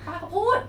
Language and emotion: Thai, frustrated